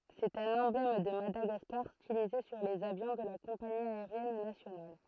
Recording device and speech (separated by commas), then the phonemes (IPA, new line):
throat microphone, read sentence
sɛt œ̃n ɑ̃blɛm də madaɡaskaʁ stilize syʁ lez avjɔ̃ də la kɔ̃pani aeʁjɛn nasjonal